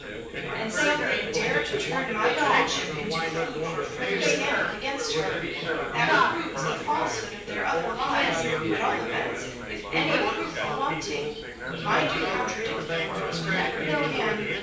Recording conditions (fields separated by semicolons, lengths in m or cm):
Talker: one person; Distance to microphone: 9.8 m; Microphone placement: far; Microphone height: 1.8 m; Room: large; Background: babble